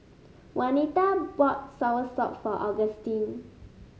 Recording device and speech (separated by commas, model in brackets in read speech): mobile phone (Samsung S8), read sentence